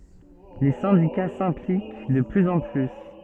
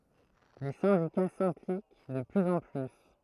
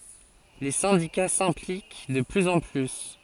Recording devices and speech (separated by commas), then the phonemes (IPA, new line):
soft in-ear microphone, throat microphone, forehead accelerometer, read sentence
le sɛ̃dika sɛ̃plik də plyz ɑ̃ ply